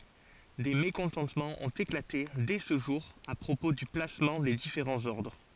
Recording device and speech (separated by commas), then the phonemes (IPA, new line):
forehead accelerometer, read sentence
de mekɔ̃tɑ̃tmɑ̃z ɔ̃t eklate dɛ sə ʒuʁ a pʁopo dy plasmɑ̃ de difeʁɑ̃z ɔʁdʁ